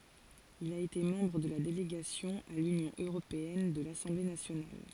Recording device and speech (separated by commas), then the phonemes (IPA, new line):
forehead accelerometer, read sentence
il a ete mɑ̃bʁ də la deleɡasjɔ̃ a lynjɔ̃ øʁopeɛn də lasɑ̃ble nasjonal